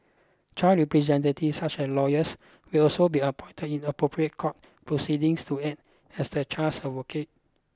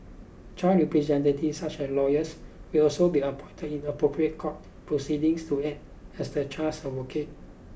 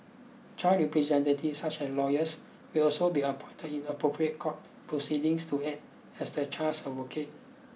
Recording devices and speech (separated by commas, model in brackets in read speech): close-talking microphone (WH20), boundary microphone (BM630), mobile phone (iPhone 6), read sentence